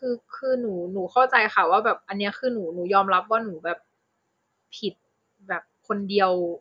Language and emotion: Thai, frustrated